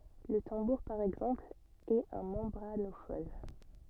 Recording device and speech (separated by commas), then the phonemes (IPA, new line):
soft in-ear microphone, read sentence
lə tɑ̃buʁ paʁ ɛɡzɑ̃pl ɛt œ̃ mɑ̃bʁanofɔn